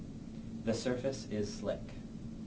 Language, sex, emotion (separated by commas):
English, male, neutral